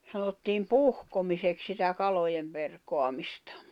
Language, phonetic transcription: Finnish, sanottiim "puhkomisek sitä 'kalojem perkoamistᴀ .
- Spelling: sanottiin puhkomiseksi sitä kalojen perkaamista

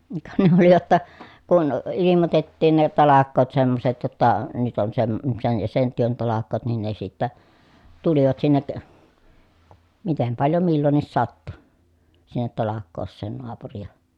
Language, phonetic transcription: Finnish, ka ne ‿oli ʲotta , kun ilimotettiin ne talak̆koot semmoset jotta , nyt on sem- sen ja sen työn talak̆koot nin ne sittä , tulivat sinnek , mitem paljo millonnis sattu , sinnet talak̆koos̆seen noapurija .
- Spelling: ka ne oli jotta kun ilmoitettiin ne talkoot semmoiset jotta nyt on - sen ja sen työn talkoot niin ne sitten tulivat sinne miten paljon milloinkin sattui sinne talkooseen naapuria

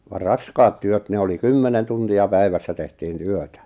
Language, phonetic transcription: Finnish, va "raskaat 'työt ne oli 'kymmenen 'tunti₍a 'päivässä tehtiin "työtä .
- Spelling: vaan raskaat työt ne oli kymmenen tuntia päivässä tehtiin työtä

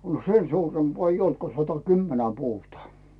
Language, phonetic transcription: Finnish, no "sen 'suurempᵒa eij ‿'olt ko 'sata"kymmenä "puutᵒà .
- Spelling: no sen suurempaa ei ollut kuin satakymmentä puuta

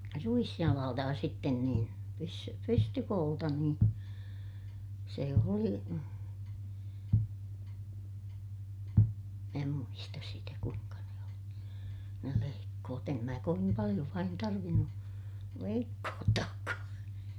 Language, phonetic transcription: Finnish, ruisjalaalta ja sitten niin , pys- , pystykoolta niin , se oli , mää muistas sitä kuiŋka ne oli , ne leikkoot ‿em mää kovim paliʲo vain tarvinnu , leikkoottaakkaa .
- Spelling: ruisjalalta ja sitten niin - pystykoolta niin se oli minä muista sitä kuinka ne oli ne leikkuut en minä kovin paljon vain tarvinnut leikkuuttaakaan

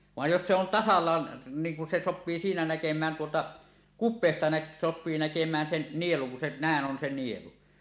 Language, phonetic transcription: Finnish, 'vàej jos se en 'tasallaan , niiŋ kun se 'soppii siinä 'näkem̀ään tuota , "kup̆peesta näk- , sop̆pii näkem̀ään 'sen "nieluŋ kun se "nä̀eˀ 'ˀon se 'nielu .
- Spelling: vaan jos se on tasallaan niin kun se sopii siinä näkemään tuota kupeesta - sopii näkemään sen nielun kun se näin on se nielu

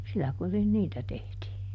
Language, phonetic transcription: Finnish, ˈsillä kurin "niitä ˈtehtii .
- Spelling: sillä kurin niitä tehtiin

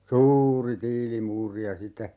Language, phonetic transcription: Finnish, "suuuri 'tiili'muuri ja sitte ,.
- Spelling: suuri tiilimuuri ja sitten

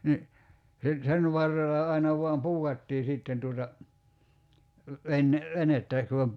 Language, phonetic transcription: Finnish, ni , se , 'sen varrella 'aina voam "puu(k)attii 'sìtten tuota , 'ven- , 'venettä ku om ‿p- ,.
- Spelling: niin se sen varrella aina vain puukattiin sitten tuota - venettä kun on -

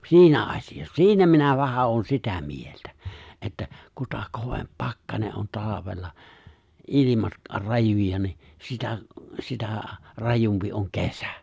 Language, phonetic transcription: Finnish, si̬inä 'asijassa , "si̬inä minä vähä ’oon 'sitä 'mieltä , että , 'kuta 'kovemp 'pakkane ’on 'talavella , '’ilimat , 'rajuja ni , 'sitä , 'sitä̀ , 'rajumpi oŋ 'kesᴀ̈ .
- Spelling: siinä asiassa siinä minä vähän olen sitä mieltä että kuta kovempi pakkanen on talvella ilmat rajuja niin sitä sitä rajumpi on kesä

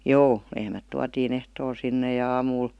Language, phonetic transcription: Finnish, joo , 'lehmät 'tuatiin ‿ehtool 'sinne ja 'aamuul ,.
- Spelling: joo lehmät tuotiin ehtoolla sinne ja aamulla

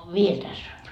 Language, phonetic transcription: Finnish, "viel 'täss ‿on .
- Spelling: vielä tässä on

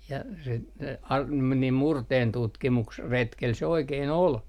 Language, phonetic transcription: Finnish, ja sit se ar- , meni 'murteentutkimuks- , '-retkel se 'oikee"n ‿ol .
- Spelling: ja sitten se - meni - murteentutkimusretkellä se oikein oli

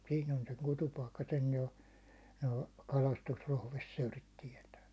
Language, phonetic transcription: Finnish, 'siin ‿on seŋ 'kutupaikka sen jo , noo , 'kalastus'rohvessöörit tiɛtää .
- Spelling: siinä on sen kutupaikka sen jo nuo kalastusprofessorit tietää

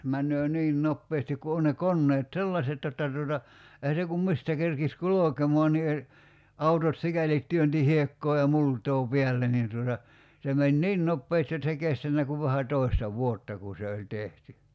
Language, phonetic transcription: Finnish, 'männöö 'niin "noppeestik ku 'on ne 'konneet "sellaset jotta tuota , ehä se kum 'mistä kerkis "kulokemɔan ni e- , 'autot "sikälit 'työnti "hiekkoo ja "mult̀oo 'piälle nin tuota , se 'meń "niin 'noppeesti jot s ‿ei 'kestännä kuv 'vähä 'tòi̬sta "vuotta ku se oĺ 'tehty .
- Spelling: menee niin nopeasti kun on ne koneet sellaiset jotta tuota eihän se kun mistä kerkisi kulkemaan niin - autot sikäli työnsi hiekkaa ja multaa päälle niin tuota se meni niin nopeasti jotta se ei kestänyt kuin vähän toista vuotta kun se oli tehty

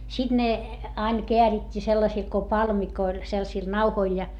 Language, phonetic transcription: Finnish, siD ne , ain keärit́t́ii sellasil ko palmikoil , selsil nauhoil ja .
- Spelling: sitten ne aina käärittiin sellaisille kuin palmikoille sellaisille nauhoille ja

